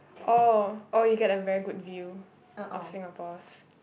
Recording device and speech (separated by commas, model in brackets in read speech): boundary microphone, conversation in the same room